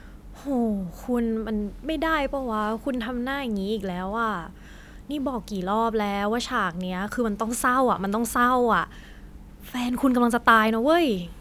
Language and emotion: Thai, frustrated